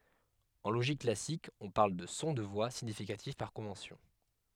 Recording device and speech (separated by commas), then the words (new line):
headset microphone, read sentence
En logique classique, on parle de son de voix significatif par convention.